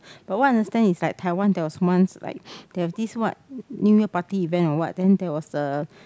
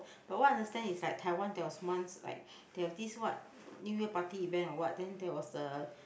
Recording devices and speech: close-talking microphone, boundary microphone, conversation in the same room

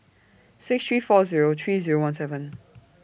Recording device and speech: boundary microphone (BM630), read sentence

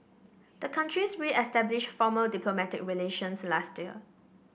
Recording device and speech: boundary microphone (BM630), read sentence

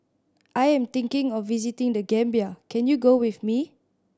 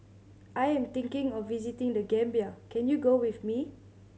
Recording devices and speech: standing microphone (AKG C214), mobile phone (Samsung C7100), read sentence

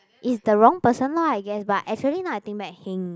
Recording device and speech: close-talking microphone, conversation in the same room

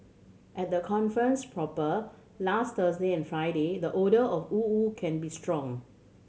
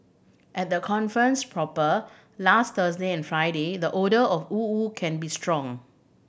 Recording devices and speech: mobile phone (Samsung C7100), boundary microphone (BM630), read sentence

